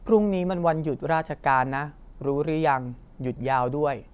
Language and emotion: Thai, neutral